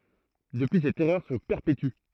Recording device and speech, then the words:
throat microphone, read sentence
Depuis cette erreur se perpétue.

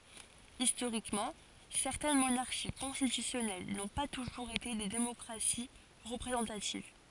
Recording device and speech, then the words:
forehead accelerometer, read sentence
Historiquement, certaines monarchies constitutionnelles n'ont pas toujours été des démocraties représentatives.

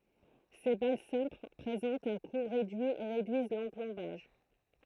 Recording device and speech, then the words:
throat microphone, read sentence
Ces balles simples présentent un coût réduit et réduisent l'emplombage.

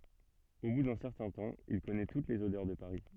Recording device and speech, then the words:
soft in-ear microphone, read sentence
Au bout d'un certain temps, il connaît toutes les odeurs de Paris.

